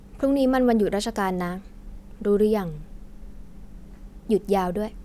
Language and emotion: Thai, frustrated